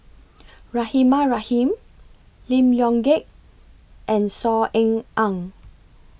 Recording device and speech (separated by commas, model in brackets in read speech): boundary microphone (BM630), read sentence